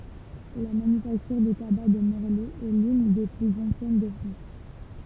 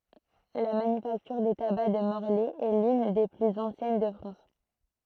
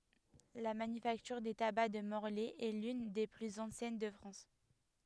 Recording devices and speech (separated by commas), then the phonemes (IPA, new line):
temple vibration pickup, throat microphone, headset microphone, read sentence
la manyfaktyʁ de taba də mɔʁlɛ ɛ lyn de plyz ɑ̃sjɛn də fʁɑ̃s